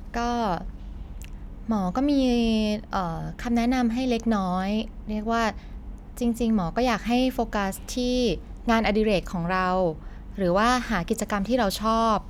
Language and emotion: Thai, neutral